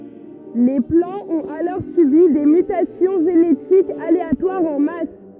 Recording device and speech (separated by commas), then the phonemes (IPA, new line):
rigid in-ear microphone, read sentence
le plɑ̃z ɔ̃t alɔʁ sybi de mytasjɔ̃ ʒenetikz aleatwaʁz ɑ̃ mas